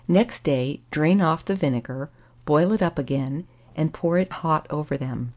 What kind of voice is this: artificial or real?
real